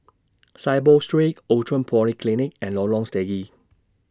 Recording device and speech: standing microphone (AKG C214), read sentence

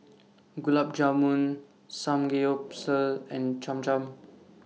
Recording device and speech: mobile phone (iPhone 6), read sentence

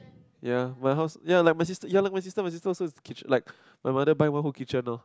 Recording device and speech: close-talking microphone, conversation in the same room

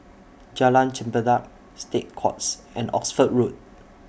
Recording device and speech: boundary microphone (BM630), read sentence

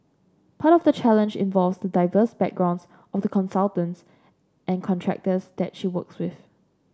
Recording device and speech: standing microphone (AKG C214), read sentence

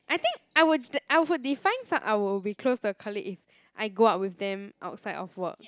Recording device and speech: close-talking microphone, conversation in the same room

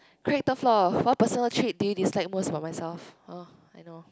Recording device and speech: close-talking microphone, conversation in the same room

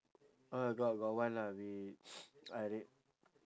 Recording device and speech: standing microphone, conversation in separate rooms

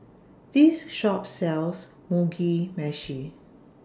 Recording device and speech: standing microphone (AKG C214), read sentence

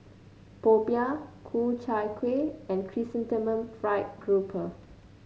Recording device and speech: mobile phone (Samsung C9), read sentence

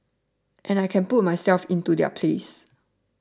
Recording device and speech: standing microphone (AKG C214), read sentence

